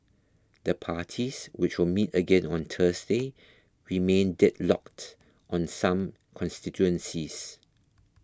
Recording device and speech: close-talking microphone (WH20), read sentence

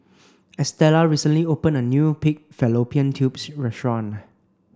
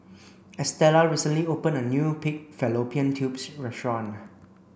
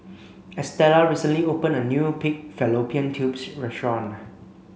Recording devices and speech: standing microphone (AKG C214), boundary microphone (BM630), mobile phone (Samsung C5), read sentence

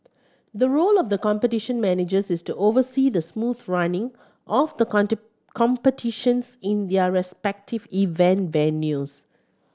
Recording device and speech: standing microphone (AKG C214), read sentence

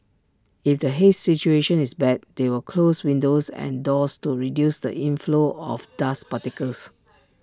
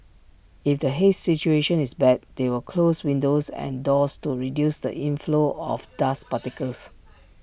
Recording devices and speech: standing microphone (AKG C214), boundary microphone (BM630), read sentence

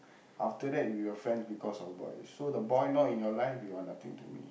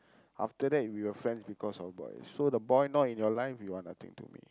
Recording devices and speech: boundary microphone, close-talking microphone, conversation in the same room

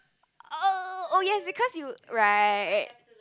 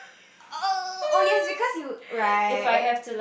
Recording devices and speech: close-talking microphone, boundary microphone, conversation in the same room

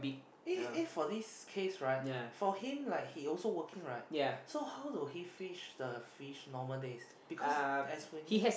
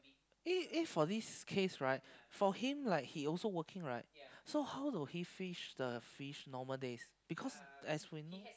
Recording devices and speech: boundary microphone, close-talking microphone, conversation in the same room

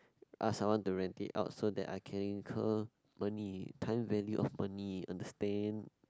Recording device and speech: close-talking microphone, conversation in the same room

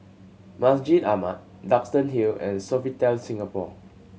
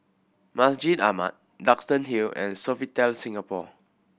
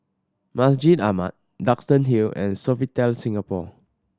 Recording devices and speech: mobile phone (Samsung C7100), boundary microphone (BM630), standing microphone (AKG C214), read sentence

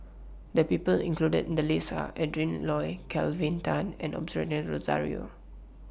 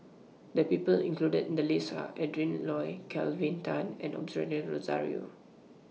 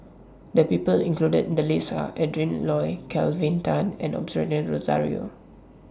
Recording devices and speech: boundary microphone (BM630), mobile phone (iPhone 6), standing microphone (AKG C214), read sentence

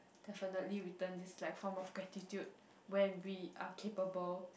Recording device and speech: boundary microphone, conversation in the same room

